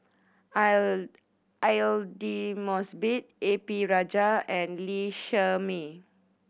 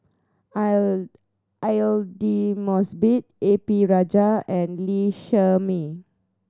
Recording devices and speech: boundary microphone (BM630), standing microphone (AKG C214), read sentence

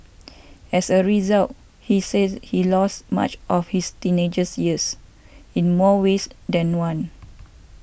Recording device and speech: boundary microphone (BM630), read sentence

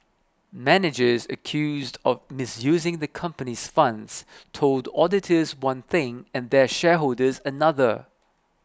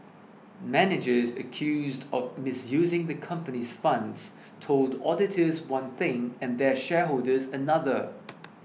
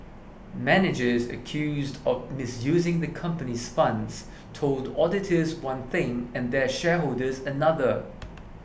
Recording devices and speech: close-talking microphone (WH20), mobile phone (iPhone 6), boundary microphone (BM630), read sentence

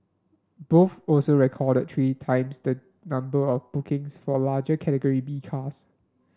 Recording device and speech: standing microphone (AKG C214), read sentence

